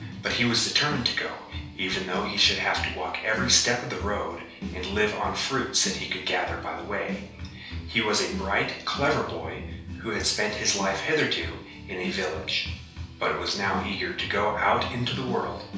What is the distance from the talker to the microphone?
3.0 m.